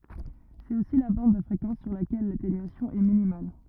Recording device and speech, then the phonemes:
rigid in-ear microphone, read sentence
sɛt osi la bɑ̃d də fʁekɑ̃s syʁ lakɛl latenyasjɔ̃ ɛ minimal

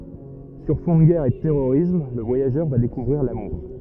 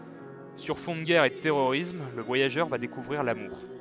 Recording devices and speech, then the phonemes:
rigid in-ear microphone, headset microphone, read sentence
syʁ fɔ̃ də ɡɛʁ e də tɛʁoʁism lə vwajaʒœʁ va dekuvʁiʁ lamuʁ

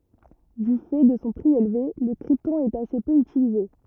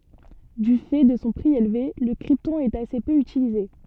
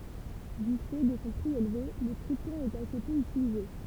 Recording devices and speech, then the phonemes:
rigid in-ear microphone, soft in-ear microphone, temple vibration pickup, read sentence
dy fɛ də sɔ̃ pʁi elve lə kʁiptɔ̃ ɛt ase pø ytilize

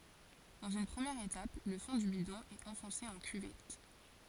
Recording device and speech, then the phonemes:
forehead accelerometer, read sentence
dɑ̃z yn pʁəmjɛʁ etap lə fɔ̃ dy bidɔ̃ ɛt ɑ̃fɔ̃se ɑ̃ kyvɛt

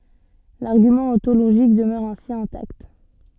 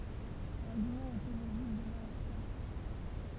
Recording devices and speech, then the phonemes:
soft in-ear microphone, temple vibration pickup, read sentence
laʁɡymɑ̃ ɔ̃toloʒik dəmœʁ ɛ̃si ɛ̃takt

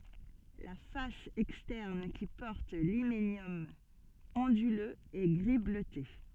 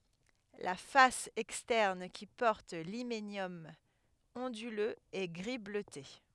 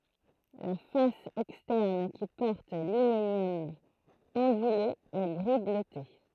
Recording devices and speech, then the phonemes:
soft in-ear microphone, headset microphone, throat microphone, read sentence
la fas ɛkstɛʁn ki pɔʁt limenjɔm ɔ̃dyløz ɛ ɡʁi bløte

